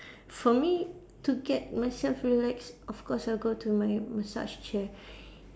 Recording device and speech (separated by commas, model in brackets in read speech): standing microphone, conversation in separate rooms